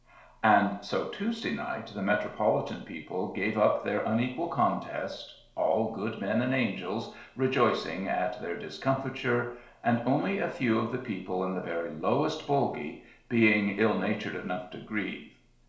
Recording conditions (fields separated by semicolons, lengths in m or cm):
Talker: one person; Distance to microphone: 1.0 m; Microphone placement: close; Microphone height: 1.1 m; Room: small (3.7 m by 2.7 m); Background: none